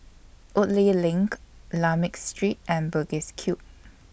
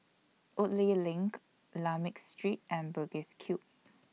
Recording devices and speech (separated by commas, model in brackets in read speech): boundary microphone (BM630), mobile phone (iPhone 6), read sentence